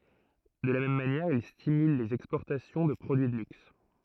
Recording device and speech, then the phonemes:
throat microphone, read sentence
də la mɛm manjɛʁ il stimyl lez ɛkspɔʁtasjɔ̃ də pʁodyi də lyks

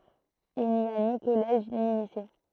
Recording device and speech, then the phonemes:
throat microphone, read sentence
il ni a ni kɔlɛʒ ni lise

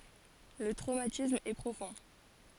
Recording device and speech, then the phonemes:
forehead accelerometer, read sentence
lə tʁomatism ɛ pʁofɔ̃

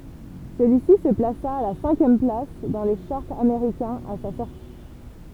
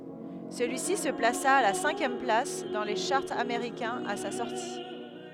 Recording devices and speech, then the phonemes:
temple vibration pickup, headset microphone, read sentence
səlyisi sə plasa a la sɛ̃kjɛm plas dɑ̃ le ʃaʁz ameʁikɛ̃z a sa sɔʁti

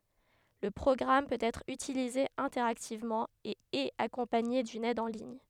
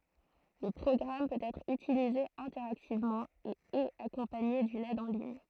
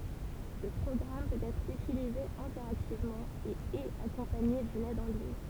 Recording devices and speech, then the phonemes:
headset microphone, throat microphone, temple vibration pickup, read sentence
lə pʁɔɡʁam pøt ɛtʁ ytilize ɛ̃tɛʁaktivmɑ̃ e ɛt akɔ̃paɲe dyn ɛd ɑ̃ liɲ

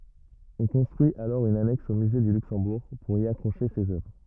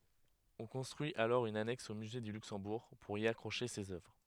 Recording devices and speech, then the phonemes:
rigid in-ear microphone, headset microphone, read sentence
ɔ̃ kɔ̃stʁyi alɔʁ yn anɛks o myze dy lyksɑ̃buʁ puʁ i akʁoʃe sez œvʁ

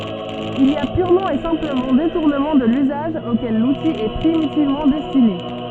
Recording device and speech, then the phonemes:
soft in-ear microphone, read sentence
il i a pyʁmɑ̃ e sɛ̃pləmɑ̃ detuʁnəmɑ̃ də lyzaʒ okɛl luti ɛ pʁimitivmɑ̃ dɛstine

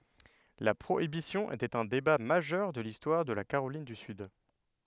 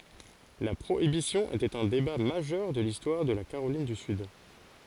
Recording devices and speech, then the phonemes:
headset microphone, forehead accelerometer, read sentence
la pʁoibisjɔ̃ etɛt œ̃ deba maʒœʁ də listwaʁ də la kaʁolin dy syd

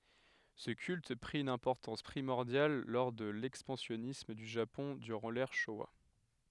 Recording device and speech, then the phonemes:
headset microphone, read sentence
sə kylt pʁi yn ɛ̃pɔʁtɑ̃s pʁimɔʁdjal lɔʁ də lɛkspɑ̃sjɔnism dy ʒapɔ̃ dyʁɑ̃ lɛʁ ʃowa

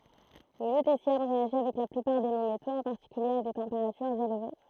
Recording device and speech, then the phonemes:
throat microphone, read sentence
lə lytesjɔm ʁeaʒi avɛk la plypaʁ de nɔ̃ metoz ɑ̃ paʁtikylje a de tɑ̃peʁatyʁz elve

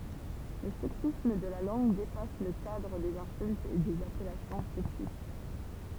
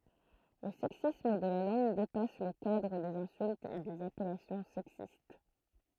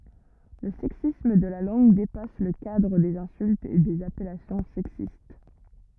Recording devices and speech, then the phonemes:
temple vibration pickup, throat microphone, rigid in-ear microphone, read sentence
lə sɛksism də la lɑ̃ɡ depas lə kadʁ dez ɛ̃syltz e dez apɛlasjɔ̃ sɛksist

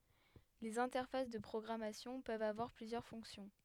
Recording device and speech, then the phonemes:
headset microphone, read sentence
lez ɛ̃tɛʁfas də pʁɔɡʁamasjɔ̃ pøvt avwaʁ plyzjœʁ fɔ̃ksjɔ̃

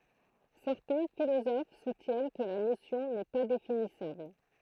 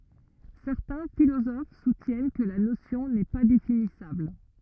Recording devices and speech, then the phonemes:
throat microphone, rigid in-ear microphone, read sentence
sɛʁtɛ̃ filozof sutjɛn kə la nosjɔ̃ nɛ pa definisabl

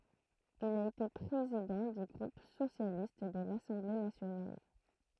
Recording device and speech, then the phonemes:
throat microphone, read sentence
il a ete pʁezidɑ̃ dy ɡʁup sosjalist də lasɑ̃ble nasjonal

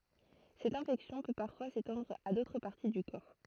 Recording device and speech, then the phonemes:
throat microphone, read sentence
sɛt ɛ̃fɛksjɔ̃ pø paʁfwa setɑ̃dʁ a dotʁ paʁti dy kɔʁ

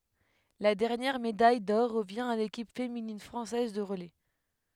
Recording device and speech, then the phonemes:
headset microphone, read sentence
la dɛʁnjɛʁ medaj dɔʁ ʁəvjɛ̃ a lekip feminin fʁɑ̃sɛz də ʁəlɛ

